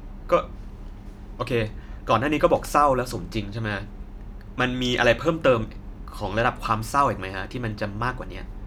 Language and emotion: Thai, frustrated